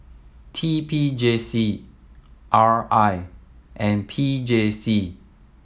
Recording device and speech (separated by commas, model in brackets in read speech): mobile phone (iPhone 7), read sentence